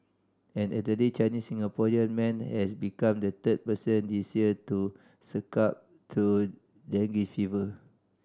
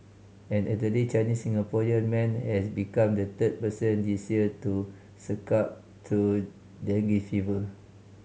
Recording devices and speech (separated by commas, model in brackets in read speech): standing microphone (AKG C214), mobile phone (Samsung C5010), read sentence